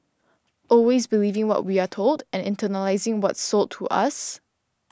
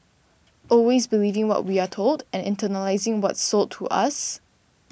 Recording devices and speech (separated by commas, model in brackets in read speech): standing microphone (AKG C214), boundary microphone (BM630), read sentence